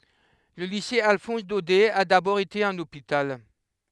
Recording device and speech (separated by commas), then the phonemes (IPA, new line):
headset microphone, read sentence
lə lise alfɔ̃s dodɛ a dabɔʁ ete œ̃n opital